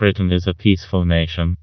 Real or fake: fake